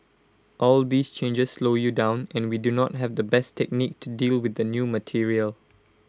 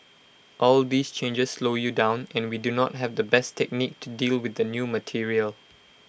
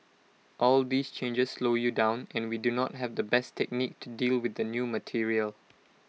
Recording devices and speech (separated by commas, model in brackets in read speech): close-talking microphone (WH20), boundary microphone (BM630), mobile phone (iPhone 6), read sentence